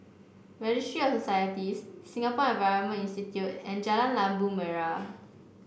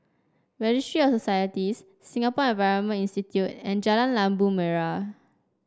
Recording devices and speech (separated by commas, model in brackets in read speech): boundary microphone (BM630), standing microphone (AKG C214), read sentence